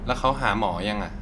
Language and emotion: Thai, neutral